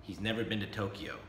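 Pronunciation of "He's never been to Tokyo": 'He's never been to Tokyo' is said as a declaration: a plain statement, not surprise, a question or doubt.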